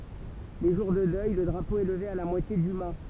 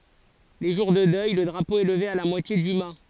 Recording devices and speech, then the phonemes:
temple vibration pickup, forehead accelerometer, read sentence
le ʒuʁ də dœj lə dʁapo ɛ ləve a la mwatje dy ma

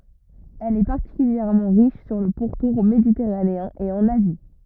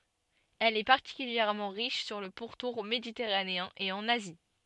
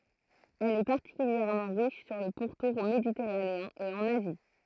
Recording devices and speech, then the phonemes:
rigid in-ear microphone, soft in-ear microphone, throat microphone, read sentence
ɛl ɛ paʁtikyljɛʁmɑ̃ ʁiʃ syʁ lə puʁtuʁ meditɛʁaneɛ̃ e ɑ̃n azi

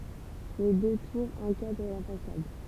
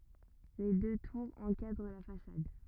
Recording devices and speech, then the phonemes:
temple vibration pickup, rigid in-ear microphone, read sentence
le dø tuʁz ɑ̃kadʁ la fasad

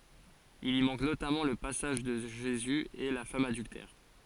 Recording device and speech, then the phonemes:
forehead accelerometer, read sentence
il i mɑ̃k notamɑ̃ lə pasaʒ də ʒezy e la fam adyltɛʁ

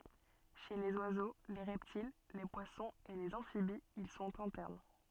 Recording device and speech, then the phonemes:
soft in-ear microphone, read sentence
ʃe lez wazo le ʁɛptil le pwasɔ̃z e lez ɑ̃fibiz il sɔ̃t ɛ̃tɛʁn

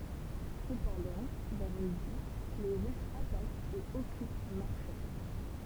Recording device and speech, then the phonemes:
temple vibration pickup, read sentence
səpɑ̃dɑ̃ vɛʁ midi le ʁysz atakt e ɔkyp maʁʃɛ

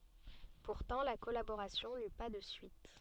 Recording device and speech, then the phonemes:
soft in-ear microphone, read sentence
puʁtɑ̃ la kɔlaboʁasjɔ̃ ny pa də syit

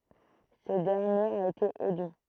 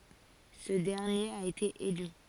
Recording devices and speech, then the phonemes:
throat microphone, forehead accelerometer, read sentence
sə dɛʁnjeʁ a ete ely

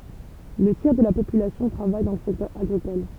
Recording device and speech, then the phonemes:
temple vibration pickup, read sentence
lə tjɛʁ də la popylasjɔ̃ tʁavaj dɑ̃ lə sɛktœʁ aɡʁikɔl

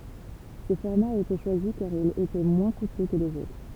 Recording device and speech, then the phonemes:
temple vibration pickup, read sentence
sə fɔʁma a ete ʃwazi kaʁ il etɛ mwɛ̃ kutø kə lez otʁ

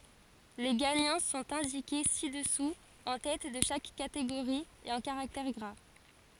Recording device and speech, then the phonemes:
forehead accelerometer, read sentence
le ɡaɲɑ̃ sɔ̃t ɛ̃dike si dəsu ɑ̃ tɛt də ʃak kateɡoʁi e ɑ̃ kaʁaktɛʁ ɡʁa

